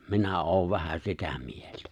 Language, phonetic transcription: Finnish, 'minä 'oov 'vähä 'sitä 'mieltᴀ̈ .
- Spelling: minä olen vähän sitä mieltä

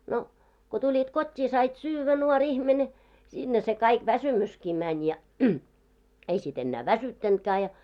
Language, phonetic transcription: Finnish, no , ko 'tuĺit 'kot́t́ii sait 'syyvvä 'nuo'ŕ ‿ihmene , 'sinne se kaik 'väsymyski 'mäń ja , "ei sit 'ennää "väsyttäntkää ja .
- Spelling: no kun tulit kotiin sait syödä nuori ihminen sinne se kaikki väsymyskin meni ja ei sitten enää väsyttänytkään ja

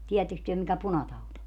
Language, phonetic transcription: Finnish, 'tii₍ätteks työ mikä 'punataut ‿o ?
- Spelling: tiedättekös te mikä punatauti on

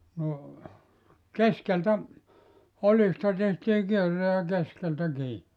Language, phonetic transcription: Finnish, no , "keskeltä , 'olista tehtii 'kierre ja 'keskeltä 'kii .
- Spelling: no keskeltä oljista tehtiin kierre ja keskeltä kiinni

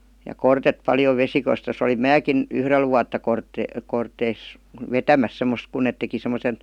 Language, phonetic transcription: Finnish, ja "kortet 'paljov (vesikos tos) olim "määkin , "yhrel vuatta 'kort- , kort̆teis- , "vetämäs 'semmos kun net teki sem̆mosen ,.
- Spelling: ja kortetta paljon - - olin minäkin yhdellä vuotta - - vetämässä semmoista kun ne teki semmoisen

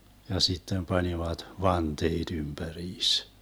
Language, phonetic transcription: Finnish, ja 'sittem 'panivat , "vanteeD 'ymBäriis .
- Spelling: ja sitten panivat vanteet ympäriinsä

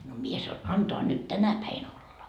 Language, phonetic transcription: Finnish, no 'mie sa₍o » 'antoa nyt "tänä päin olla .
- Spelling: no minä sanoin antaa nyt tänä päivänä olla

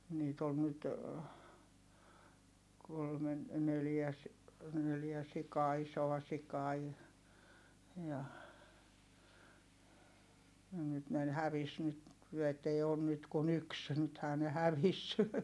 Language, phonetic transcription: Finnish, niit ‿ol nyt , kolmen , neljä ‿s- , neljä sikaa isoa sikaa i- , ja , ja nyt ne ‿n- hävis nyt , et ei oon nyt kun ‿yks , nythää ne hävis .
- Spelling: niitä oli nyt kolmen neljä - neljä sikaa isoa sikaa - ja ja nyt ne - hävisi nyt että ei ole nyt kuin yksi nythän ne hävisi

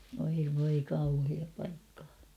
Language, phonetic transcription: Finnish, oi voi kauhiaa paikkᴀᴀ .
- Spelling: oi voi kauheaa paikkaa

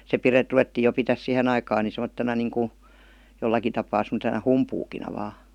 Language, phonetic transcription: Finnish, se 'pire- "ruvettii jo pitäs "sihen ‿aikaan ni semottena niiŋku , 'jollaki tapaa sem°tena "humpuukina va .
- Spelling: se - ruvettiin jo pitämään siihen aikaan niin semmoisena niin kuin jollakin tapaa semmoisena humpuukina vain

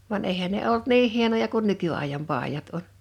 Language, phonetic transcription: Finnish, van 'èihän ne "olt "niiŋ 'hienoja kun 'nyky₍àijam 'pàijat oɴ .
- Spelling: vaan eihän ne ollut niin hienoja kuin nykyajan paidat on

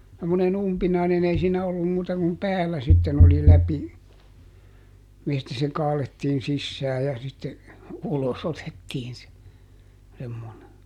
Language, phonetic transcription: Finnish, semmoneˈn ‿umpinaineˈn ‿ei siinä ollum ˈmuuta kum "päällä sitten ‿oli ˈläpi , mistä se ˈkaalettiin ˈsissää ja sitte , ˈulos otettiin se , semmone .
- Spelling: semmoinen umpinainen ei siinä ollut muuta kuin päällä sitten oli läpi mistä se kaadettiin sisään ja sitten ulos otettiin se semmoinen

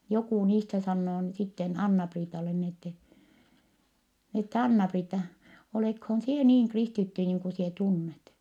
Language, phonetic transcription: Finnish, jokù niistä sannoo n- , sitten Anna-Priitale ni ettɛ , ett‿ » Anna-Priitta , olèkhoon sie niiŋ kristitty niiŋ ku sie tunnet ? »
- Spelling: joku niistä sanoo - sitten Anna-Priitalle niin että että Anna-Priitta oletkohan sinä niin kristitty niin kuin sinä tunnet

